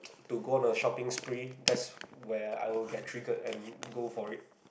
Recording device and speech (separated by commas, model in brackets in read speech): boundary microphone, conversation in the same room